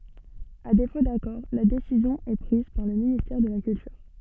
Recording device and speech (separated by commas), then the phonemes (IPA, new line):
soft in-ear microphone, read sentence
a defo dakɔʁ la desizjɔ̃ ɛ pʁiz paʁ lə ministɛʁ də la kyltyʁ